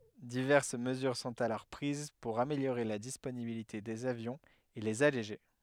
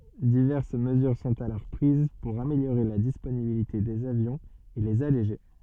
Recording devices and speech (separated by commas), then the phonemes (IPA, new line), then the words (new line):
headset microphone, soft in-ear microphone, read sentence
divɛʁs məzyʁ sɔ̃t alɔʁ pʁiz puʁ ameljoʁe la disponibilite dez avjɔ̃z e lez aleʒe
Diverses mesures sont alors prises pour améliorer la disponibilité des avions et les alléger.